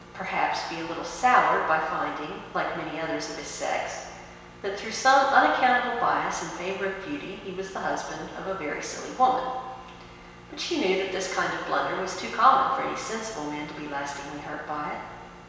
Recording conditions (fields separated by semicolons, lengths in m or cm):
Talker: one person; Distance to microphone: 1.7 m; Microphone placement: close; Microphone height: 1.0 m; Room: very reverberant, large; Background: none